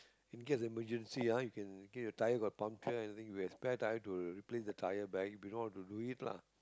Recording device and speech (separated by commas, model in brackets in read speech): close-talking microphone, conversation in the same room